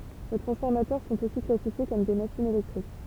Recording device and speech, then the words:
temple vibration pickup, read sentence
Les transformateurs sont aussi classifiés comme des machines électriques.

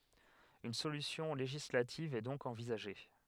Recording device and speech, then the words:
headset microphone, read sentence
Une solution législative est donc envisagée.

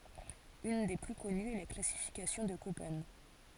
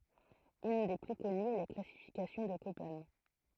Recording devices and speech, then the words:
forehead accelerometer, throat microphone, read sentence
Une des plus connues est la classification de Köppen.

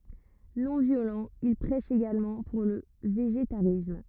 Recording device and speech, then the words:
rigid in-ear microphone, read sentence
Non-violent, il prêche également pour le végétarisme.

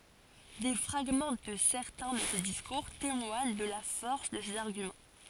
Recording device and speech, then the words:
forehead accelerometer, read sentence
Des fragments de certains de ses discours témoignent de la force de ses arguments.

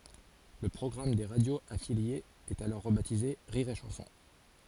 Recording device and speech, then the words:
forehead accelerometer, read sentence
Le programme des radios affiliées est alors rebaptisé Rire & Chansons.

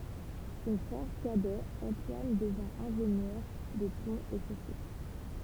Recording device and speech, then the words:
temple vibration pickup, read sentence
Son frère cadet Antoine devint ingénieur des ponts et chaussées.

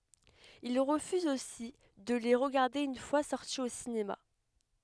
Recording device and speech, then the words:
headset microphone, read sentence
Il refuse aussi de les regarder une fois sortis au cinéma.

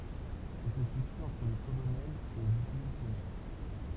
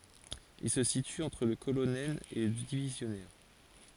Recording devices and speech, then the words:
temple vibration pickup, forehead accelerometer, read sentence
Il se situe entre le colonel et le divisionnaire.

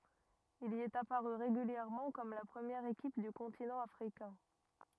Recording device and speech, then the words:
rigid in-ear microphone, read sentence
Il y est apparu régulièrement comme la première équipe du continent africain.

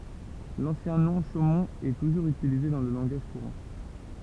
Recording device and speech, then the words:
temple vibration pickup, read sentence
L'ancien nom, Chaumont, est toujours utilisé dans le langage courant.

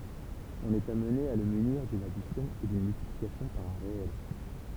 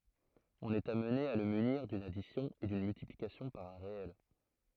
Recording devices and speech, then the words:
temple vibration pickup, throat microphone, read sentence
On est amené à le munir d'une addition et d'une multiplication par un réel.

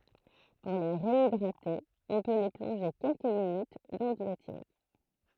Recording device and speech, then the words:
throat microphone, read sentence
Pour les réhydrater, on peut les plonger quelques minutes dans de l'eau tiède..

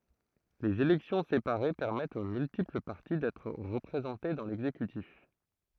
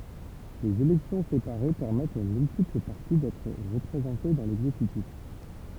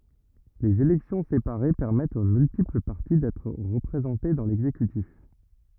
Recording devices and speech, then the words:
throat microphone, temple vibration pickup, rigid in-ear microphone, read sentence
Les élections séparées permettent aux multiples parties d'être représentées dans l'exécutif.

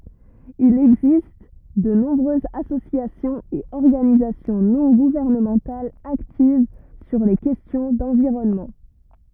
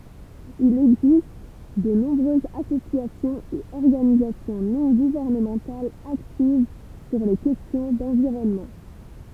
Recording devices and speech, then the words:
rigid in-ear microphone, temple vibration pickup, read sentence
Il existe de nombreuses associations et organisations non gouvernementales actives sur les questions d'environnement.

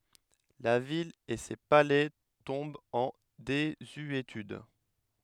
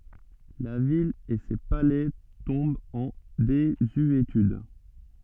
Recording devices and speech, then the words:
headset microphone, soft in-ear microphone, read sentence
La ville et ses palais tombent en désuétude.

